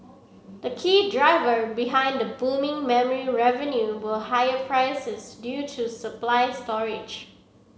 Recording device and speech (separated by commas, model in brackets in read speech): mobile phone (Samsung C7), read sentence